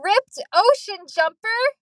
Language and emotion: English, surprised